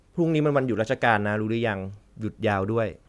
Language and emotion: Thai, neutral